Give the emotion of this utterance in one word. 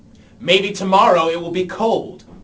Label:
angry